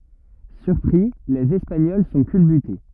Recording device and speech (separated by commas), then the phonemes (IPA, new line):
rigid in-ear microphone, read sentence
syʁpʁi lez ɛspaɲɔl sɔ̃ kylbyte